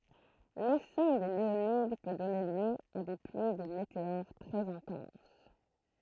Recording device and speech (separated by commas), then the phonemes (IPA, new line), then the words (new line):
throat microphone, read sentence
lesɛ̃ de leonid pø dɔne ljø a de plyi də meteoʁ tʁɛz ɛ̃tɑ̃s
L'essaim des Léonides peut donner lieu à des pluies de météores très intenses.